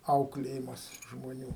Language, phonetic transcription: Lithuanian, ˈauklėjimas žmoˈnių

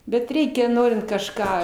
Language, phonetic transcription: Lithuanian, bet ˈreikia ˈnorint kažˈką

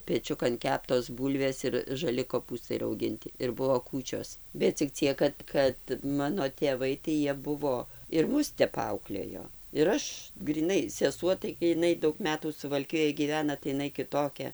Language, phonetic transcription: Lithuanian, peˈčiukan ˈkeptos ˈbūlvės ir žaˈli koˈpūstai rauˈginti ir ˈbuo ˈkūčios bet cik ˈciek kad ˈkad ˈmano tėˈvai tai ˈjie ˈbuvo ir ˈmus ˈtep ˈauklėjo ir ˈaš gryˈnai seˈsuo tai gi jiˈnai ˈdaug ˈmetų suvalˈkijoj gyˈvena tai iˈnai kiˈtokia

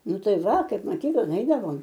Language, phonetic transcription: Lithuanian, ˈnu ˈtai ˈva ˈkaip maˈkyklan ˈeidavom

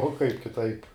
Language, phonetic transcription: Lithuanian, o kaip kiˈtaip

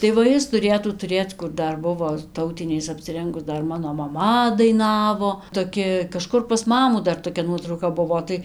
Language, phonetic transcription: Lithuanian, tai va ˈjis tuˈrėtų tuˈrėc kur ˈdar ˈbuvo ˈtautiniais apsiˈrengus ˈdar ˈmano maˈma daiˈnavo toˈki kaˈžkur pas ˈmamų dar toˈkia ˈnuotrauka ˈbuvo tai

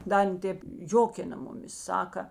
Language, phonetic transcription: Lithuanian, ˈda ˈan ˈtėp ˈjokina ˈmuˌmis ˈsaka

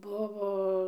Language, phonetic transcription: Lithuanian, ˈbuvo

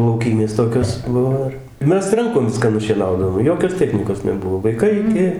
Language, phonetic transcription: Lithuanian, lauˈkymės ˈtokios ˈbuvo ir i ˈmes ˈrankom ˈviską nušieˈnaudavom ˈjokios ˈtechnykos neˈbuvo vaiˈkai iˈki

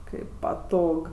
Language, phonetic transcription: Lithuanian, ˈkaip paˈtog

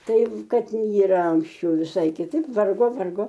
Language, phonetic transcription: Lithuanian, ˈtai ˈkad yˈra anksˈčiau viˈsai kiˈtaip ˈvargo ˈvargo

